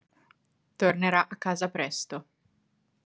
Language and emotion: Italian, neutral